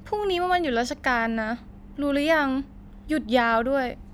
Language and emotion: Thai, frustrated